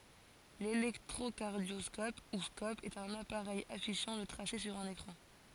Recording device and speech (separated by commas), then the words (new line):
forehead accelerometer, read sentence
L'électrocardioscope, ou scope, est un appareil affichant le tracé sur un écran.